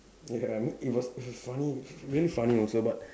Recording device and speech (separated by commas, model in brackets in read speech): standing microphone, conversation in separate rooms